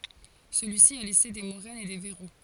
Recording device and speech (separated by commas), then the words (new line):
forehead accelerometer, read sentence
Celui-ci a laissé des moraines et des verrous.